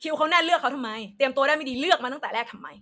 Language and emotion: Thai, angry